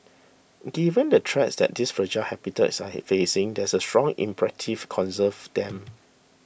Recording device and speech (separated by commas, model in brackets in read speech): boundary microphone (BM630), read sentence